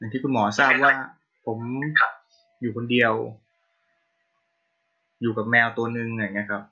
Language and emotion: Thai, neutral